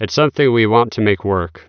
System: none